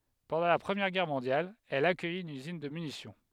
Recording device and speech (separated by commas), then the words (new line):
headset microphone, read sentence
Pendant la Première Guerre mondiale, elle accueille une usine de munitions.